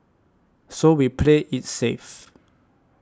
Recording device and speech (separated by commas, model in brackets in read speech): standing microphone (AKG C214), read sentence